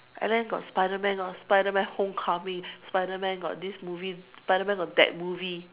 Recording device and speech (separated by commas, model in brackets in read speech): telephone, conversation in separate rooms